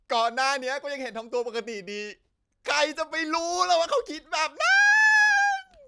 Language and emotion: Thai, happy